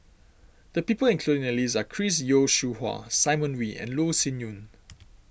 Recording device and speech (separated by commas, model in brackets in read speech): boundary microphone (BM630), read sentence